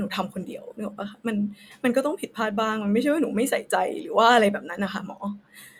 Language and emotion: Thai, sad